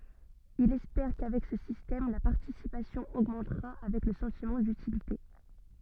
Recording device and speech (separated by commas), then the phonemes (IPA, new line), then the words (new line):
soft in-ear microphone, read sentence
ilz ɛspɛʁ kavɛk sə sistɛm la paʁtisipasjɔ̃ oɡmɑ̃tʁa avɛk lə sɑ̃timɑ̃ dytilite
Ils espèrent qu'avec ce système, la participation augmentera avec le sentiment d'utilité.